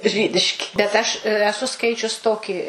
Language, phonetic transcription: Lithuanian, ˈžydiški bet ˈaš eˈsu ˈskaičius ˈtoki

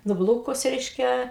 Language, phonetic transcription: Lithuanian, nuˈblūkus ˈreiškia

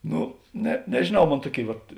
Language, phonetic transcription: Lithuanian, ˈnu ne nežėˈnau ˈmon ˈtuoˌkėi vat

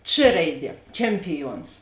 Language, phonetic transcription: Lithuanian, č ˈraiˌdie ˈčempiˌjuons

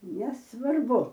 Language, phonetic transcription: Lithuanian, nesvarˈbu

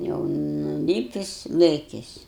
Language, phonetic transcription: Lithuanian, jau nuˈlypis ˈlɘkis

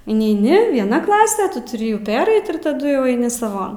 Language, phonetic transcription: Lithuanian, ineiˈni vieˈna ˈklase ˈtu tuˈri jų ˈpereit ir taˈdu jau aiˈni saˈvon

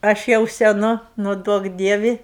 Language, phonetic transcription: Lithuanian, ˈaš jau seˈnu ˈnu ˈduok ˈdievi

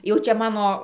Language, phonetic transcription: Lithuanian, jau ˈčia ˈmano

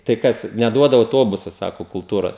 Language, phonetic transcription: Lithuanian, tai ˈkas neˈduoda auˈtobusa ˈsako kulˈtūra

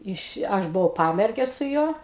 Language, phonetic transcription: Lithuanian, ˈiš ˈaš buˈvau ˈpamerge su ˈjuo

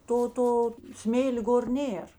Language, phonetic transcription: Lithuanian, ˈto ˈto ˈsmėl' ˈgor ˈnėr

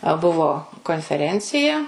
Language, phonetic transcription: Lithuanian, a ˈbuvo konfeˈrencija

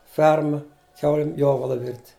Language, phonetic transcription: Lithuanian, ˈferma ˈkiaulim ˈjovala virt'

